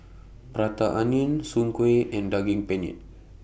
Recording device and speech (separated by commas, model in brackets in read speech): boundary microphone (BM630), read sentence